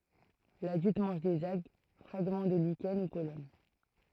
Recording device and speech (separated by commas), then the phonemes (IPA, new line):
throat microphone, read sentence
ladylt mɑ̃ʒ dez alɡ fʁaɡmɑ̃ də liʃɛn u pɔlɛn